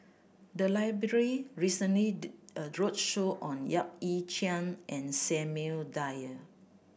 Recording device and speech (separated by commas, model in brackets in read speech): boundary microphone (BM630), read sentence